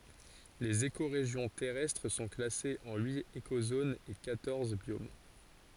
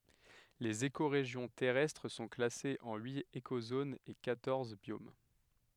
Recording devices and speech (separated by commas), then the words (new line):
forehead accelerometer, headset microphone, read sentence
Les écorégions terrestres sont classées en huit écozones et quatorze biomes.